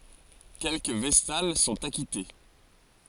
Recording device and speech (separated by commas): forehead accelerometer, read sentence